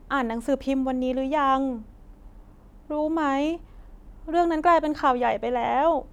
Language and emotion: Thai, sad